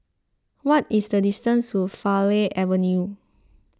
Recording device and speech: close-talking microphone (WH20), read sentence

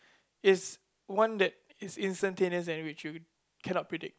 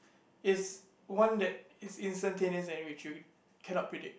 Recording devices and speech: close-talking microphone, boundary microphone, conversation in the same room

